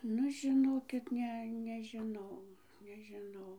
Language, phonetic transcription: Lithuanian, ˈnu žiˈnokit ˈne nežiˈnau nežiˈnau

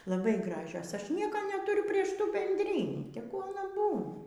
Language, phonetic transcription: Lithuanian, laˈbai ˈgražios ˈaš ˈnieko netūˈriu ˈprieš ˈtų bendˈrynį teˈgu aˈna ˈbūna

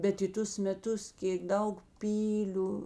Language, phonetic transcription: Lithuanian, bet i ˈtus meˈtus ˈkėk ˈdaug ˈpyliu

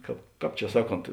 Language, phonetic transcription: Lithuanian, ˈkāp ˈkāp čia ˈsaˌkont

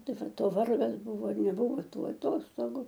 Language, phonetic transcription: Lithuanian, ˈtai ˈvat o ˈvargas ˈbuvo ir neˈbuvo ˈtų aˈtostogu

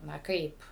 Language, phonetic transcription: Lithuanian, na ˈkaip

